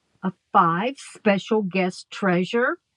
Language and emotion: English, disgusted